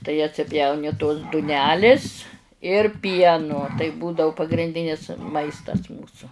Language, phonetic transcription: Lithuanian, tai atsiˈpjauni tos duˈnelis ir ˈpienu tai ˈbūdau pagrinˈdinis ˈmaistas ˈmūsu

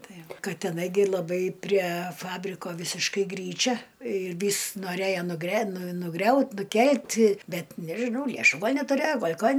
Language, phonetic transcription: Lithuanian, ˈtai ˈva ˈka teˈnai gi laˈbai prie ˈfabriko ˈvisiškai ˈgryčia ir ˈvys noˈrėjo nugre nuˈgriaut nuˈkelt' ˈbet nežiˈnau leˈšų ˈgal' netuˈrėjo ˈgol' ˈkan

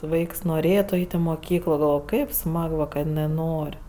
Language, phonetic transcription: Lithuanian, ˈvaiks noˈrėtu ˈait' i moˈkyklo galˈvoj ˈkaip ˈsmag va kad iˈnɜ ˈnor'

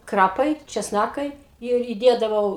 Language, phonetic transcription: Lithuanian, ˈkrapai česˈnakai ir įˈdėdavau

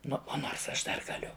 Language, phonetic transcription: Lithuanian, ˈnu ˈonors ˈaš ˈdar gaˈliu

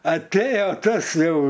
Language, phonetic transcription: Lithuanian, atˈėje ˈtas ˈjau

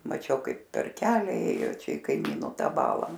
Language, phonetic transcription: Lithuanian, maˈčiau ˈkaip per ˈkelia ˈėjo ˈčia i kaiˈmyno ˈtą ˈbalą

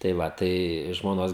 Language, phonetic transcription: Lithuanian, tai ˈva ˈtai žmoˈnos

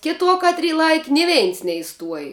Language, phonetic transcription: Lithuanian, ˈkiˌtuo ˈkatˌry ˈlaiki ni ˈveins neiˈstuoj

